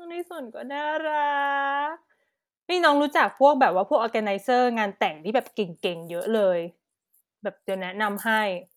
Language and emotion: Thai, happy